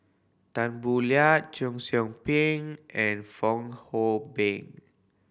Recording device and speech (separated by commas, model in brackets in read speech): boundary microphone (BM630), read sentence